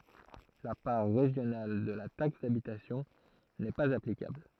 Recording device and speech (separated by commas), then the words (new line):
throat microphone, read sentence
La part régionale de la taxe d'habitation n'est pas applicable.